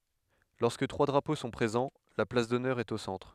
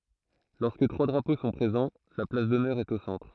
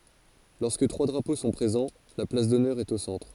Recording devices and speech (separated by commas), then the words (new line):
headset microphone, throat microphone, forehead accelerometer, read sentence
Lorsque trois drapeaux sont présents, la place d'honneur est au centre.